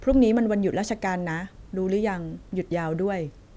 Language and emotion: Thai, neutral